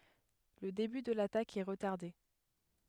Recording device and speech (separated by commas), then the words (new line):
headset microphone, read sentence
Le début de l'attaque est retardé.